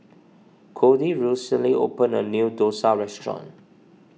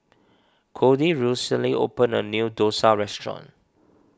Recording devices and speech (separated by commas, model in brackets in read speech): mobile phone (iPhone 6), standing microphone (AKG C214), read sentence